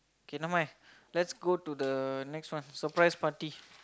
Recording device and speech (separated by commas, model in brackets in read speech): close-talking microphone, conversation in the same room